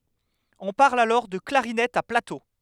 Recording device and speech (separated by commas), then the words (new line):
headset microphone, read sentence
On parle alors de clarinette à plateaux.